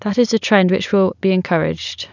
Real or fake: real